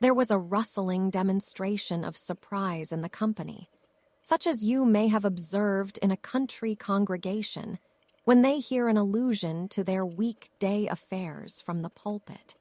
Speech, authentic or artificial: artificial